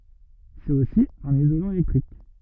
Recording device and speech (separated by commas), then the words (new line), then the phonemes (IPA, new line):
rigid in-ear microphone, read sentence
C'est aussi un isolant électrique.
sɛt osi œ̃n izolɑ̃ elɛktʁik